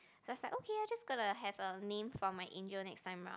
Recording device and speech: close-talking microphone, conversation in the same room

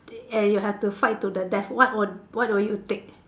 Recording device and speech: standing microphone, conversation in separate rooms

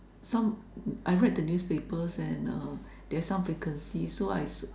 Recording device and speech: standing microphone, conversation in separate rooms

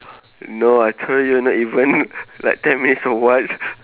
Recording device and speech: telephone, conversation in separate rooms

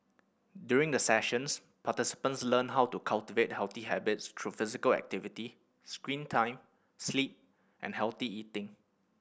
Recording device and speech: boundary microphone (BM630), read sentence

